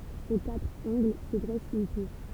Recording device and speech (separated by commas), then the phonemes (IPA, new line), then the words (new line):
temple vibration pickup, read sentence
o katʁ ɑ̃ɡl sə dʁɛs yn tuʁ
Aux quatre angles se dresse une tour.